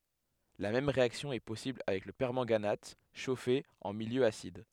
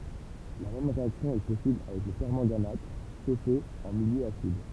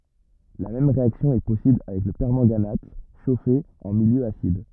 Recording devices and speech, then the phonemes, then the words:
headset microphone, temple vibration pickup, rigid in-ear microphone, read sentence
la mɛm ʁeaksjɔ̃ ɛ pɔsibl avɛk lə pɛʁmɑ̃ɡanat ʃofe ɑ̃ miljø asid
La même réaction est possible avec le permanganate, chauffé en milieu acide.

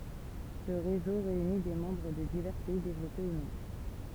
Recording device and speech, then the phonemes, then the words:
temple vibration pickup, read sentence
sə ʁezo ʁeyni de mɑ̃bʁ də divɛʁ pɛi devlɔpe u nɔ̃
Ce réseau réunit des membres de divers pays développés ou non.

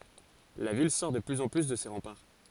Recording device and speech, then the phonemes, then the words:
forehead accelerometer, read sentence
la vil sɔʁ də plyz ɑ̃ ply də se ʁɑ̃paʁ
La ville sort de plus en plus de ses remparts.

